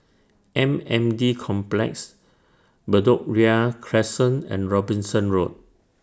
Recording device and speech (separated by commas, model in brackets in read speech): standing microphone (AKG C214), read sentence